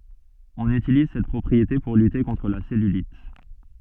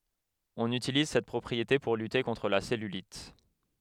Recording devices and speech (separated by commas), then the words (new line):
soft in-ear microphone, headset microphone, read sentence
On utilise cette propriété pour lutter contre la cellulite.